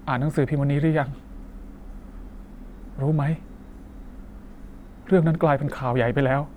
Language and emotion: Thai, sad